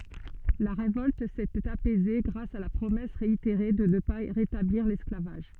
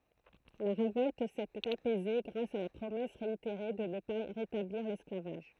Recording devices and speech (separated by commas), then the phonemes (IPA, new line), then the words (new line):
soft in-ear microphone, throat microphone, read sentence
la ʁevɔlt setɛt apɛze ɡʁas a la pʁomɛs ʁeiteʁe də nə pa ʁetabliʁ lɛsklavaʒ
La révolte s'était apaisée grâce à la promesse réitérée de ne pas rétablir l'esclavage.